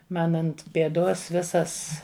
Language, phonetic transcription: Lithuanian, ˈman ˈant pėˈdos ˈvisas

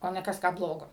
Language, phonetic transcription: Lithuanian, o ˈne ˈkas ˈką ˈblogo

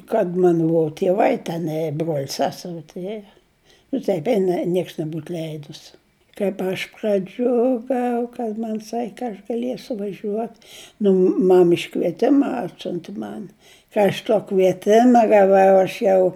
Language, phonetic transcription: Lithuanian, kad ˈman ˈbua tieˈvai teˈnai ė bruol' ˈseseri tuˈrėjo nu ˈtaip ˈeina ˈnieks neˈbūt ˈleidus kaip ˈaš praˈdžiugau kad ˈman' ˈsak' kad aš gaˈliesiu vaˈžiuot nu ˈmam iškvieˈtima ˈatsiunti ˈman ˈka aš tuo kvieˈtima gaˈvau aš ˈjau

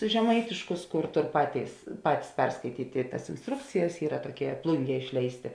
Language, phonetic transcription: Lithuanian, žeˈmaitiškus ˈkur ˈtor ˈpatėis ˈpatis ˈperskaityt' i tas insˈtrukcijas ˈyra toˈkie ˈplunˌgie ˈišleisˌtė

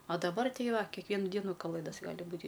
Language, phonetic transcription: Lithuanian, a daˈbar ˈtei ˈva kekˈvienu ˈdienu kaˈlɘdas ˈgali ˈbūti

